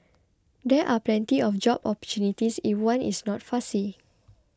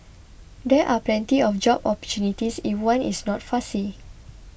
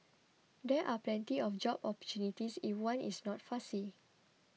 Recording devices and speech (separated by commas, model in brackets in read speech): close-talking microphone (WH20), boundary microphone (BM630), mobile phone (iPhone 6), read sentence